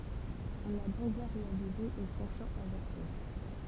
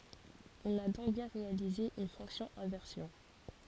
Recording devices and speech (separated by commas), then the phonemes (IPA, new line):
temple vibration pickup, forehead accelerometer, read sentence
ɔ̃n a dɔ̃k bjɛ̃ ʁealize yn fɔ̃ksjɔ̃ ɛ̃vɛʁsjɔ̃